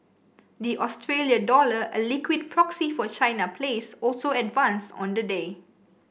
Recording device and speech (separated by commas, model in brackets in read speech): boundary microphone (BM630), read sentence